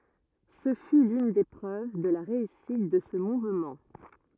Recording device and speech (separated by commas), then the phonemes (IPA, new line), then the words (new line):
rigid in-ear microphone, read sentence
sə fy lyn de pʁøv də la ʁeysit də sə muvmɑ̃
Ce fut l'une des preuves de la réussite de ce mouvement.